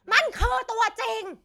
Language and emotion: Thai, angry